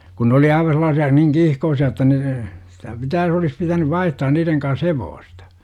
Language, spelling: Finnish, kun ne oli aivan sellaisia niin kiihkoisia että ne sitä pitää olisi pitänyt vaihtaa niiden kanssa hevosta
- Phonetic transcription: ku nᵉ oli 'aiva sel̆laasi₍a , niŋ "kiihkoosi₍a että ne , sitä 'pitää - olis pitänyv "vaihtaan 'niireŋ kans "hevoostA .

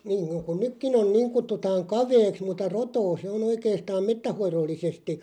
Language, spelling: Finnish, niin kuin niin kuin nytkin on niin kutsutaan kaveeksi mutta rotoa se on oikeastaan metsänhoidollisesti
- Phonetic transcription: niŋ kun niŋ ku 'nykkin ‿on̬ "niiŋ 'kuttutaaŋ "kaveeks mutta "rotoo se on 'oikeestaam "mettäh̆'hoirollisesti .

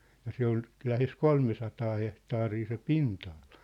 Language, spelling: Finnish, ja se oli lähes kolmesataa hehtaaria se pinta-ala
- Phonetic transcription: ja 'se ‿ol , lähes "kolmesataa 'hehtaarii se "pinta₍aʟᴀ .

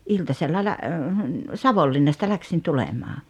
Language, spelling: Finnish, iltasella - Savonlinnasta lähdin tulemaan
- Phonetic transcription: 'iltasella lä- , "Savollinnasta 'läksin 'tulemaa .

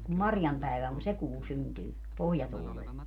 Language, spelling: Finnish, kun Marjan päivä on se kuu syntyy pohjatuulella
- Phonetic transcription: kum "Marjam päivä on , "se 'kuu 'syntyy , "pohjatuulel .

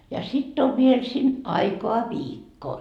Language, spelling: Finnish, ja sitten on vielä sinne aikaa viikko
- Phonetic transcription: ja sitt ‿ov viel sin "aikoa "viikko .

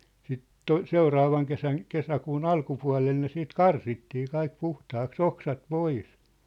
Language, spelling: Finnish, sitten - seuraavan kesän kesäkuun alkupuolella ne sitten karsittiin kaikki puhtaaksi oksat pois
- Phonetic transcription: siit "to- "seuraavaŋ 'kesän , 'kesäkuun "alkupua̭lel ne siit "karsittii 'kaik 'puhtaaks "oksat "pois .

